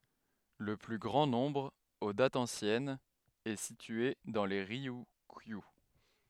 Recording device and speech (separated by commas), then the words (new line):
headset microphone, read sentence
Le plus grand nombre, aux dates anciennes, est situé dans les Ryukyu.